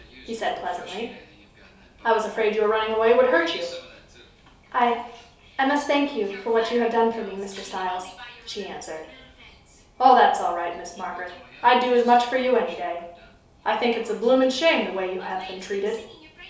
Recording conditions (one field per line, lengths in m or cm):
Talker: one person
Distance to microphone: 3.0 m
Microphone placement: far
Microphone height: 1.8 m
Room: small (3.7 m by 2.7 m)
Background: television